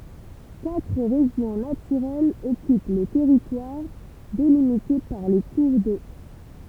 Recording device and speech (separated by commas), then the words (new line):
temple vibration pickup, read sentence
Quatre régions naturelles occupent le territoire, délimitées par les cours d’eau.